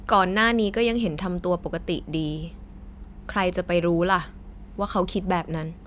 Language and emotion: Thai, frustrated